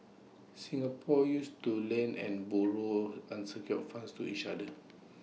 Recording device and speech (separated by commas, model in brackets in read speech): mobile phone (iPhone 6), read sentence